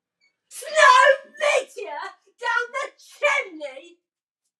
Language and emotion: English, disgusted